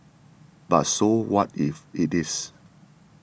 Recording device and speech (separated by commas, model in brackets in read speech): boundary microphone (BM630), read sentence